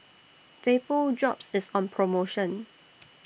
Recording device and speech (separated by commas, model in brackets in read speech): boundary microphone (BM630), read sentence